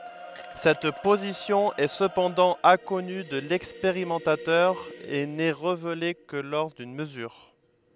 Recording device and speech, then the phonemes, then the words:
headset microphone, read sentence
sɛt pozisjɔ̃ ɛ səpɑ̃dɑ̃ ɛ̃kɔny də lɛkspeʁimɑ̃tatœʁ e nɛ ʁevele kə lɔʁ dyn məzyʁ
Cette position est cependant inconnue de l'expérimentateur et n'est révélée que lors d'une mesure.

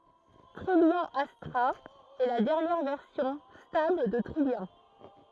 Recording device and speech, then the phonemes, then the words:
throat microphone, read sentence
tʁijjɑ̃ astʁa ɛ la dɛʁnjɛʁ vɛʁsjɔ̃ stabl də tʁijjɑ̃
Trillian Astra est la dernière version stable de Trillian.

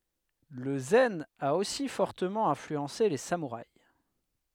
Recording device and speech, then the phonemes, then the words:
headset microphone, read sentence
lə zɛn a osi fɔʁtəmɑ̃ ɛ̃flyɑ̃se le samuʁais
Le zen a aussi fortement influencé les samouraïs.

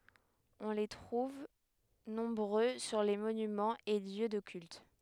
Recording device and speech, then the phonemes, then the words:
headset microphone, read sentence
ɔ̃ le tʁuv nɔ̃bʁø syʁ le monymɑ̃z e ljø də kylt
On les trouve nombreux sur les monuments et lieux de cultes.

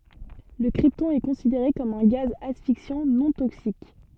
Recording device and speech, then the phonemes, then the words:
soft in-ear microphone, read sentence
lə kʁiptɔ̃ ɛ kɔ̃sideʁe kɔm œ̃ ɡaz asfiksjɑ̃ nɔ̃ toksik
Le krypton est considéré comme un gaz asphyxiant non toxique.

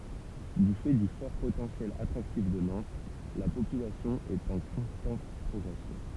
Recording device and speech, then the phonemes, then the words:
temple vibration pickup, read sentence
dy fɛ dy fɔʁ potɑ̃sjɛl atʁaktif də nɑ̃t la popylasjɔ̃ ɛt ɑ̃ kɔ̃stɑ̃t pʁɔɡʁɛsjɔ̃
Du fait du fort potentiel attractif de Nantes, la population est en constante progression.

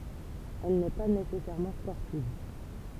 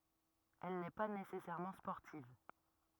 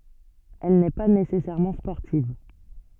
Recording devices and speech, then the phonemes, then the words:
temple vibration pickup, rigid in-ear microphone, soft in-ear microphone, read sentence
ɛl nɛ pa nesɛsɛʁmɑ̃ spɔʁtiv
Elle n'est pas nécessairement sportive.

